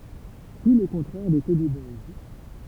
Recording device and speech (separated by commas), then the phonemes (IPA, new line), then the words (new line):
temple vibration pickup, read sentence
tu lə kɔ̃tʁɛʁ de tɛdi bɔjs
Tout le contraire des teddy boys.